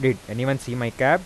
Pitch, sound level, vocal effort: 130 Hz, 89 dB SPL, normal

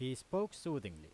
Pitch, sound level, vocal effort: 130 Hz, 90 dB SPL, loud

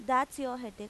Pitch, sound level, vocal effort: 255 Hz, 90 dB SPL, loud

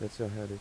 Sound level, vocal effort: 82 dB SPL, soft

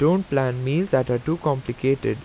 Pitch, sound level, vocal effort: 135 Hz, 84 dB SPL, normal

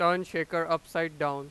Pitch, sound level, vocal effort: 165 Hz, 99 dB SPL, very loud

